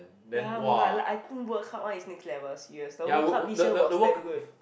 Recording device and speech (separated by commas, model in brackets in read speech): boundary microphone, conversation in the same room